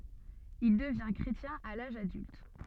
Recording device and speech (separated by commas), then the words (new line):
soft in-ear microphone, read sentence
Il devint chrétien à l'âge adulte.